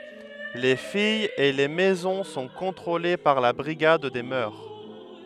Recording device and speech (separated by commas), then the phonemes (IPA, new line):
headset microphone, read sentence
le fijz e le mɛzɔ̃ sɔ̃ kɔ̃tʁole paʁ la bʁiɡad de mœʁ